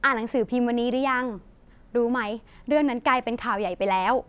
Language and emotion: Thai, neutral